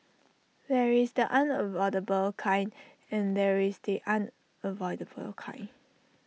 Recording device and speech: mobile phone (iPhone 6), read sentence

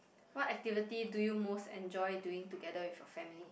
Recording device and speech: boundary microphone, conversation in the same room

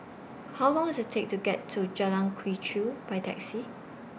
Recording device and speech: boundary microphone (BM630), read sentence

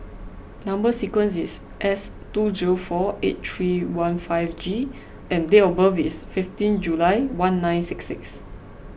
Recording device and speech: boundary microphone (BM630), read sentence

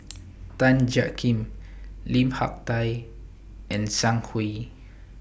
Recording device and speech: boundary microphone (BM630), read sentence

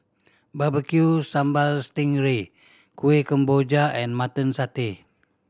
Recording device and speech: standing microphone (AKG C214), read sentence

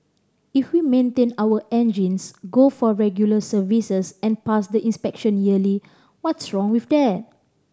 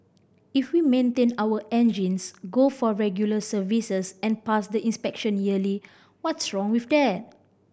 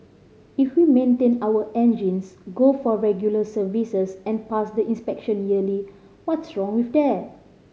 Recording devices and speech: standing microphone (AKG C214), boundary microphone (BM630), mobile phone (Samsung C5010), read sentence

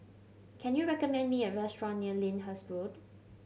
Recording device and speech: mobile phone (Samsung C7100), read sentence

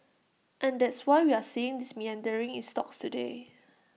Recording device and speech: mobile phone (iPhone 6), read sentence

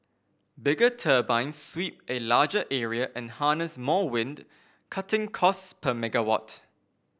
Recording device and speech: boundary microphone (BM630), read sentence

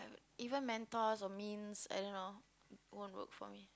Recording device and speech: close-talking microphone, conversation in the same room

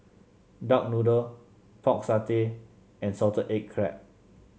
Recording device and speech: mobile phone (Samsung C7), read sentence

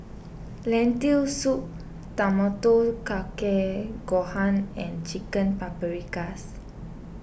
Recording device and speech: boundary microphone (BM630), read sentence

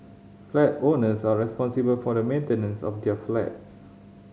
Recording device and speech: mobile phone (Samsung C5010), read sentence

